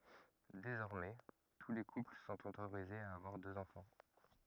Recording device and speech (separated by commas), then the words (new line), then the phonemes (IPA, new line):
rigid in-ear microphone, read sentence
Désormais, tous les couples sont autorisés à avoir deux enfants.
dezɔʁmɛ tu le kupl sɔ̃t otoʁizez a avwaʁ døz ɑ̃fɑ̃